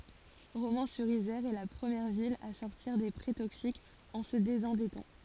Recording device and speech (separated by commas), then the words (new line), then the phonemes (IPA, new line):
forehead accelerometer, read sentence
Romans-sur-Isère est la première ville à sortir des prêts toxiques en se désendettant.
ʁomɑ̃syʁizɛʁ ɛ la pʁəmjɛʁ vil a sɔʁtiʁ de pʁɛ toksikz ɑ̃ sə dezɑ̃dɛtɑ̃